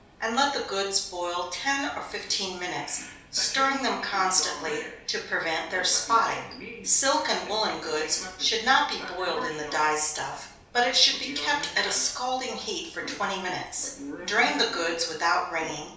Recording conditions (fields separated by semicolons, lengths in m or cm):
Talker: one person; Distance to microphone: 3.0 m; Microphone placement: far; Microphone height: 1.8 m; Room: small (3.7 m by 2.7 m); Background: television